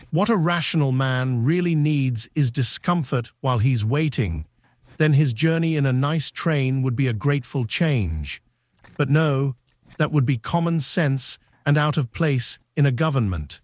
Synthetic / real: synthetic